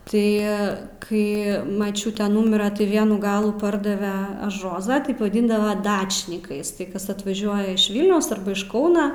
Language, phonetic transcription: Lithuanian, ˈtai ˈkai maˈčiūte ˈnumira tai ˈvienų ˈgalų ˈpardave až ˈrozą ˈtaip vaˈdyndava ˈdačnikais tai ˈkas atvaˈžiuoja iš ˈvilniaus ˈarba iš ˈkauna

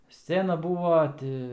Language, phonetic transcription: Lithuanian, ˈscena ˈbūva ˈti

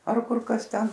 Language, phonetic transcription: Lithuanian, ar ˈkur ˈkas ˈten

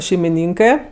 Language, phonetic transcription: Lithuanian, šeimiˈnynkɜ

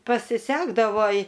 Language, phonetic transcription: Lithuanian, pasiˈsekdavo i

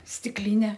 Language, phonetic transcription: Lithuanian, stikˈline

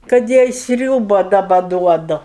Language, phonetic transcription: Lithuanian, kad ˈjai ˈsriūba daˈba ˈduodu

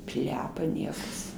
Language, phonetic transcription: Lithuanian, ˈplepa ˈniekas

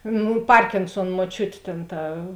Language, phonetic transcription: Lithuanian, ˈnū ˈparkinsuon muoˈčiut ˈtėn ˈta

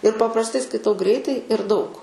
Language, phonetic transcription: Lithuanian, ir paprasˈtai skaiˈtau ˈgreitai ir daug

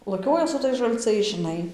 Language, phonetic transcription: Lithuanian, laˈkioja su ˈtais žalˈcais žiˈnai

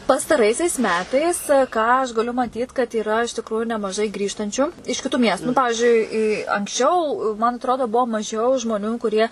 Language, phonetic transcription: Lithuanian, pastaˈraisiais ˈmetais ˈką aš gaˈliu maˈtyt kad yˈra iš tikˈruju nemaˈžai ˈgrįžtančiu iš kiˈtų ˈmiestu nu ˈpavižiui i i anksˈčiau man atˈrodo ˈbuo maˈžiau žmoˈnių kuˈrie

